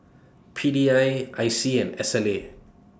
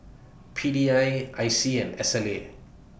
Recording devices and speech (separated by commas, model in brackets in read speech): standing microphone (AKG C214), boundary microphone (BM630), read sentence